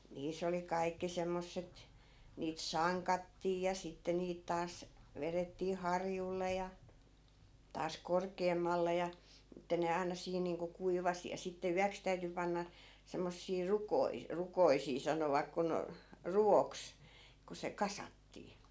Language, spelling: Finnish, niissä oli kaikki semmoiset niitä sankattiin ja sitten niitä taas vedettiin harjulle ja taas korkeammalle ja että ne aina siinä niin kuin kuivasi ja sitten yöksi täytyi panna semmoisia - rukoisia sanovat kun ruvoksi kun se kasattiin
- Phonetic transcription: "niis̀ ‿oli 'kai̮kki 'semmosset , niit "saŋkattii ja 'sitte niit taas , 'verettii "harjulle ja , taas 'korkeemmalle ja , ᵉttä ne aina 'siin niiŋko 'kuivasi ja sitte "yäks täyty 'panna , 'semmossii 'rukoi- , 'rukoisii 'sanovak kun , "ru₍oks , ku se "kasattii .

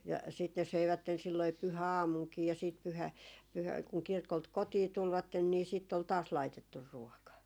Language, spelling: Finnish, ja sitten ne söivät silloin pyhäaamunakin ja sitten - - kun kirkolta kotiin tulivat niin sitten oli taas laitettu ruoka
- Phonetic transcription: ja siit ne 'söivätten silloi 'pyhä₍"aamuŋkii ja siit pyhä- , pyhä- , kuŋ 'kirkolt "kotii 'tulvatten nii sìtt ‿ol 'taas "laitettur 'ruɔka .

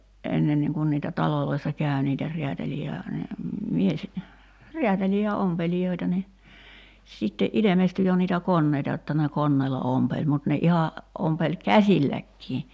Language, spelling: Finnish, ennenkin kun niitä taloissa kävi niitä räätäleitä ja - miesräätäleitä ja ompelijoita niin sitten ilmestyi jo niitä koneita jotta ne koneella ompeli mutta ne ihan ompeli käsilläkin
- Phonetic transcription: '’ennenniiŋ kun niitä "taloloissa 'kä̀y̬ niitä , 'riätälii ja , mies- , "riätälii ja 'ompelijoita ni , sitte '’ilemesty 'jo niitä "konneita jotta ne "konneela 'ompeĺ mut ne 'iha , 'ompeĺ "käśilläkkii .

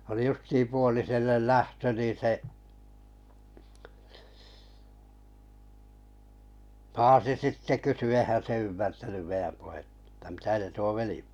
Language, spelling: Finnish, oli justiin puoliselle lähtö niin se paasi sitten kysyi eihän se ymmärtänyt meidän puhetta jotta mitä se tuo veli
- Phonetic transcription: oli 'justiim 'puolisellel "lähtö niⁿ̬ 'se 'paasi 'sitte kysy eihän se ymmärtänym 'meiʲäm puhettᴀ ‿ttᴀ̈ » 'mitä se tuo "veli ? «

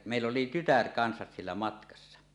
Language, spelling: Finnish, ja meillä oli tytär kanssa siellä matkassa
- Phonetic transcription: ja mèill ‿oli "tytär kansas siellä 'matkassa .

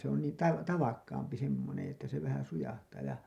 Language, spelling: Finnish, se on niin - tavakkaampi semmoinen että se vähän sujahtaa ja
- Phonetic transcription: se ‿on nii tav- , "tavakkaampi semmoneḛ että se vähän 'sujahtaa ja .

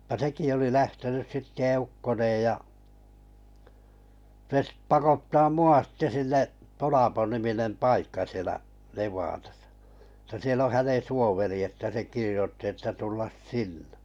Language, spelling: Finnish, ja sekin oli lähtenyt sitten eukkoineen ja se sitten pakottaa minua sitten sinne Tolapo-niminen paikka siellä Nevadassa että siellä on hänen suoveri että se kirjoitti että tulla sinne
- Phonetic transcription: ja 'seki oli 'lähtenys sitte 'eukkoneej ja , se ‿stᵉ 'pakottaa "mu₍a sⁱtte 'sinne’ , 'Tolapo-niminem "paikka sielä’ , 'Nev̀aatasᴀ , tä 'siel ‿o 'hänen̬ 'suoveri että se 'kirⁱjotti että 'tullas "sinnᴇ .

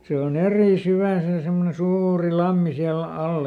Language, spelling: Finnish, se on eri syvä se semmoinen suuri lampi siellä alla
- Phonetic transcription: ˈse o"n ‿erì ˈsyvä̀ se ˈsemmone "suuuri "lammi siäl ˈalla .

